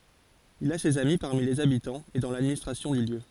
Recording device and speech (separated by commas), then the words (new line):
forehead accelerometer, read sentence
Il a ses amis parmi les habitants et dans l'administration du lieu.